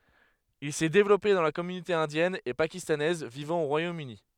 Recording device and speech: headset microphone, read sentence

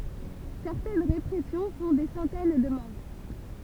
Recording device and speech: temple vibration pickup, read sentence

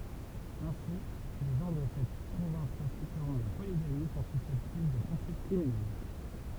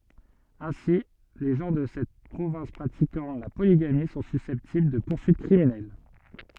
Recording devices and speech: temple vibration pickup, soft in-ear microphone, read sentence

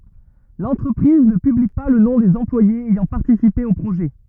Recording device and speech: rigid in-ear microphone, read sentence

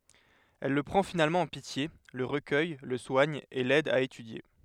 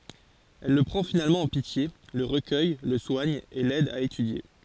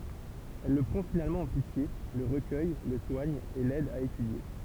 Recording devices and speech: headset microphone, forehead accelerometer, temple vibration pickup, read sentence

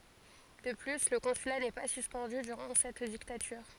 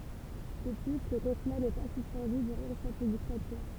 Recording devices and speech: forehead accelerometer, temple vibration pickup, read sentence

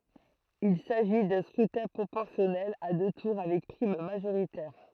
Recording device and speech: throat microphone, read sentence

